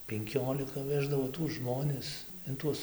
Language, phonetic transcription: Lithuanian, penˈkiolika ˈveždavo tuos ˈžmonis in ˈtuos

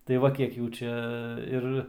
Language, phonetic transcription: Lithuanian, tai ˈva ˈkiek ˈjų ˈčia ˈir

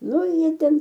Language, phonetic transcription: Lithuanian, ˈnu ˈjie ˈten

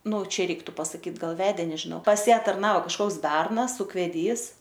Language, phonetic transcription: Lithuanian, nu ˈčia ˈreiktu pasaˈkyt ˈgal ˈvedė nežiˈnau pas ˈją tarˈnao kažˈkoks ˈbernas ukveˈdys

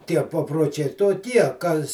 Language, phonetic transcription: Lithuanian, ˈtie paproˈčiai toˈkie ˈkas

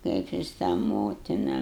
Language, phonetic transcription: Lithuanian, ˈkaip jis tą ˈmotina

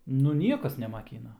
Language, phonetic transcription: Lithuanian, nu ˈniekas nemaˈkyna

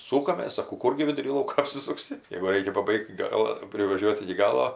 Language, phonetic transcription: Lithuanian, ˈsūkamės saˈkau ˈkurgi viduˈry ˈlauko apsisukˈsi jeigu ˈraikia paˈbaigt ˈgala privaˈžiuot iki ˈgalo

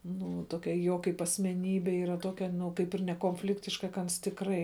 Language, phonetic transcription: Lithuanian, ˈnu ˈtokia ˈjo kaip asmeˈnybe yˈra ˈtokia nu ˈkaip ir nekonˈfliktiška ka ˈans tikˈrai

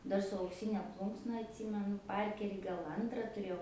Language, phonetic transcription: Lithuanian, ˈdar su aukˈsyne ˈplūnksna atˈsymenu ˈparkerį gal ˈantra tuˈrėjau

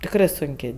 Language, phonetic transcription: Lithuanian, tikˈrɜ sunˈkė

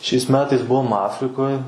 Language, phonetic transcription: Lithuanian, šiais ˈmetais ˈbuom ˈafrikoj

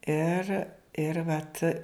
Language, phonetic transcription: Lithuanian, ˈir ir ˈvat

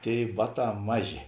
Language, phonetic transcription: Lithuanian, ˈtėi ˈbaˌtā ˈmaˌžė

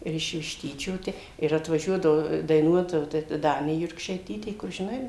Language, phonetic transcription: Lithuanian, ˈir iš višˈtyčio ˈte ir atvaˈžiuodavo daiˈnuot jau ˈta ˈdanė jurkšaiˈtytė kur žiˈnai

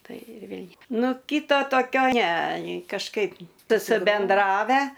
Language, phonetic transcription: Lithuanian, ˈtai ir ˈvėl' ˈnu ˈkyta toˈkio ne kažˈkaip susibenˈdravę

